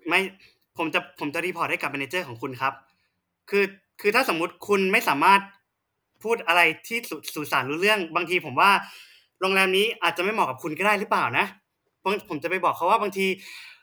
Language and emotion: Thai, frustrated